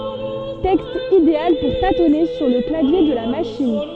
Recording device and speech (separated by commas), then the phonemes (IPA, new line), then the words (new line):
soft in-ear microphone, read sentence
tɛkst ideal puʁ tatɔne syʁ lə klavje də la maʃin
Texte idéal pour tâtonner sur le clavier de la machine.